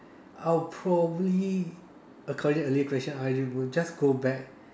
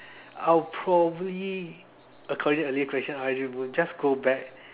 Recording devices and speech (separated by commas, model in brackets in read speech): standing microphone, telephone, conversation in separate rooms